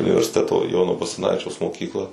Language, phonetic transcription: Lithuanian, universiˈteto ˈjono basaˈnavičiaus moˈkykla

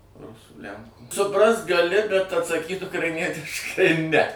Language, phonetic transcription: Lithuanian, ˈrusų ˈlænkų suˈprast gaˈli bet atsaˈkyt ukraiˈnietiškai ne

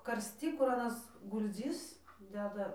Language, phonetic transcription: Lithuanian, karsˈty kur aˈnas gulˈdzis ˈdeda

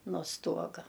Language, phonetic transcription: Lithuanian, no ˈstuoga

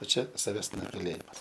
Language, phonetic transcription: Lithuanian, o ˈčia saˈves nugaˈlėjimas

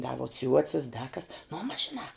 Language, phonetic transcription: Lithuanian, da vuo ˈciuocis da kas nu mas žiˈnā

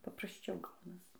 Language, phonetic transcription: Lithuanian, paprasˈčiau ˈgaunas

